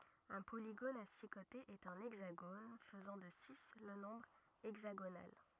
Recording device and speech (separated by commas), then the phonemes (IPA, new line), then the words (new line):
rigid in-ear microphone, read sentence
œ̃ poliɡon a si kotez ɛt œ̃ ɛɡzaɡon fəzɑ̃ də si lə nɔ̃bʁ ɛɡzaɡonal
Un polygone à six côtés est un hexagone, faisant de six le nombre hexagonal.